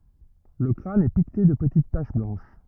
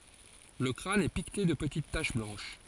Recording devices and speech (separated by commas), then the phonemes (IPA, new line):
rigid in-ear microphone, forehead accelerometer, read sentence
lə kʁan ɛ pikte də pətit taʃ blɑ̃ʃ